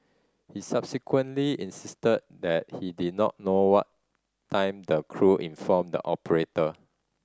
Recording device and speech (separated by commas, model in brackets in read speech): standing microphone (AKG C214), read sentence